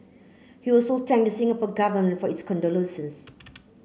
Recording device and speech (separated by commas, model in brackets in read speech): mobile phone (Samsung C9), read sentence